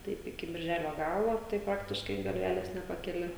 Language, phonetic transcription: Lithuanian, ˈtaip iki birˈželio ˈgalo tai ˈpraktiškai galˈvelės nepakeˈli

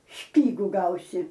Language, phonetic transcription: Lithuanian, ˈšpygu ˈgausi

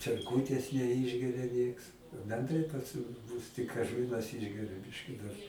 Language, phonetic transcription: Lithuanian, čerˈkūtės neˈišgeria ˈnieks benˈdrai pas mu ˈmus tik aš ˈvienas ˈišgeriu ˈbiški dar

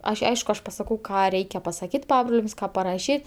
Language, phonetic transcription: Lithuanian, ˈaš' ˈaišku ˈaš pasaˈkau ˈką ˈreikia pasaˈkyt ˈpabroliams ˈką paraˈšyt

